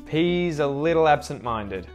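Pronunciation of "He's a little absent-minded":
In 'absent-minded', the T after the N is muted.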